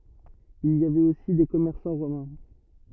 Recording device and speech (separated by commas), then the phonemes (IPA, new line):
rigid in-ear microphone, read sentence
il i avɛt osi de kɔmɛʁsɑ̃ ʁomɛ̃